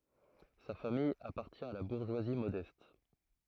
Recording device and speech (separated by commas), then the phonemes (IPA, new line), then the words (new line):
throat microphone, read sentence
sa famij apaʁtjɛ̃ a la buʁʒwazi modɛst
Sa famille appartient à la bourgeoisie modeste.